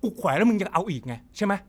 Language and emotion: Thai, angry